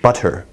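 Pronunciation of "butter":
In 'butter', the middle is said with a t sound, not a tap, which makes it a more British pronunciation suited to a formal context.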